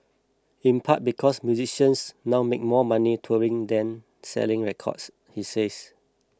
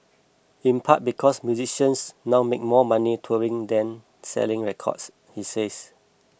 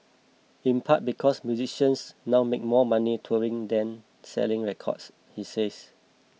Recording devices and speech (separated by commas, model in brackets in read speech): close-talking microphone (WH20), boundary microphone (BM630), mobile phone (iPhone 6), read sentence